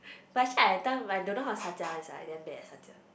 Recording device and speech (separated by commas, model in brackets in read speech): boundary microphone, conversation in the same room